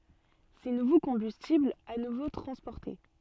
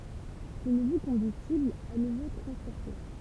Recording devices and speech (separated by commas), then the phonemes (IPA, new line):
soft in-ear microphone, temple vibration pickup, read sentence
se nuvo kɔ̃bystiblz a nuvo tʁɑ̃spɔʁte